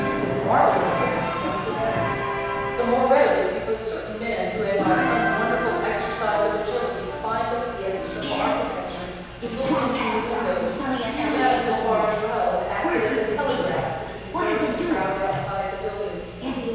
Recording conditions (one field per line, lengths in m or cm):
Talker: one person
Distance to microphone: 7.1 m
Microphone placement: far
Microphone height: 1.7 m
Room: very reverberant, large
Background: television